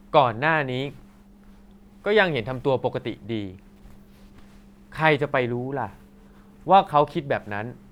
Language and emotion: Thai, frustrated